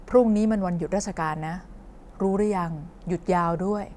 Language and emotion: Thai, neutral